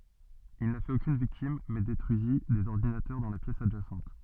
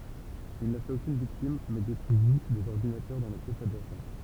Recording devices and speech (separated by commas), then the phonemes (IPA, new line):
soft in-ear microphone, temple vibration pickup, read sentence
il na fɛt okyn viktim mɛ detʁyizi dez ɔʁdinatœʁ dɑ̃ la pjɛs adʒasɑ̃t